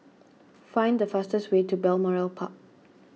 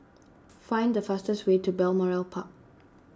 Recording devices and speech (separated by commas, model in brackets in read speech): mobile phone (iPhone 6), standing microphone (AKG C214), read sentence